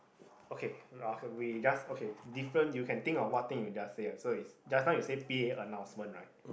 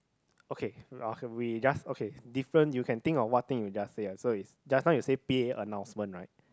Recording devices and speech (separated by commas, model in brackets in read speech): boundary microphone, close-talking microphone, conversation in the same room